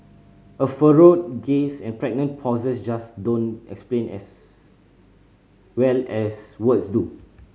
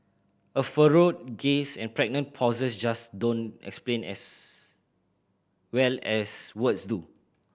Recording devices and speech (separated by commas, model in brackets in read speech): mobile phone (Samsung C5010), boundary microphone (BM630), read sentence